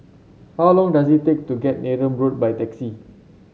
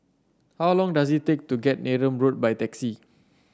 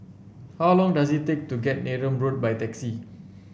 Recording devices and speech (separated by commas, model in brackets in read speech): mobile phone (Samsung C7), standing microphone (AKG C214), boundary microphone (BM630), read sentence